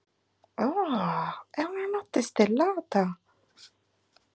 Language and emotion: Italian, surprised